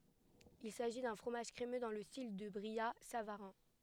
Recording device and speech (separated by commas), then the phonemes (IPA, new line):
headset microphone, read sentence
il saʒi dœ̃ fʁomaʒ kʁemø dɑ̃ lə stil dy bʁijatsavaʁɛ̃